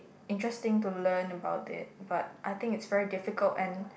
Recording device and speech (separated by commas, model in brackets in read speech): boundary microphone, conversation in the same room